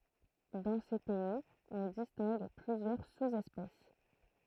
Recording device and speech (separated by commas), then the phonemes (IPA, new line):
throat microphone, read sentence
dɑ̃ se pɛiz ɔ̃ distɛ̃ɡ plyzjœʁ suzɛspɛs